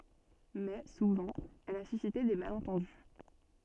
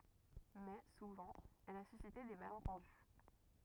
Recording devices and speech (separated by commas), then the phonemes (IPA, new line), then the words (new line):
soft in-ear microphone, rigid in-ear microphone, read sentence
mɛ suvɑ̃ ɛl a sysite de malɑ̃tɑ̃dy
Mais, souvent, elle a suscité des malentendus.